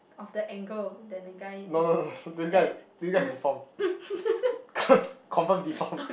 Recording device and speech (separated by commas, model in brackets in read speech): boundary microphone, conversation in the same room